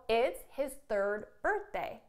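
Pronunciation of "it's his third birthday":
In 'third birthday', the d at the end of 'third' is not heard.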